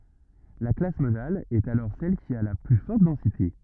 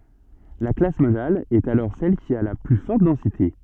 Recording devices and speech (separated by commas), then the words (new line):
rigid in-ear microphone, soft in-ear microphone, read sentence
La classe modale est alors celle qui a la plus forte densité.